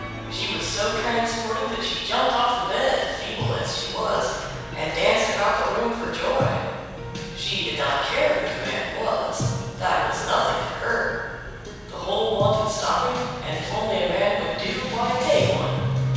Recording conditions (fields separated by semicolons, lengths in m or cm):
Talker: one person; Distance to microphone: 7.1 m; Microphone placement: far; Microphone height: 1.7 m; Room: very reverberant, large; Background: music